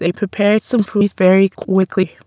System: TTS, waveform concatenation